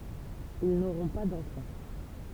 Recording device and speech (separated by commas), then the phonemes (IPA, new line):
temple vibration pickup, read sentence
il noʁɔ̃ pa dɑ̃fɑ̃